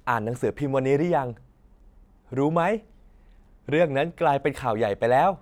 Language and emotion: Thai, happy